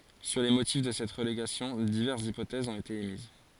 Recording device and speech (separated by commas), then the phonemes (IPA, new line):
forehead accelerometer, read sentence
syʁ le motif də sɛt ʁəleɡasjɔ̃ divɛʁsz ipotɛzz ɔ̃t ete emiz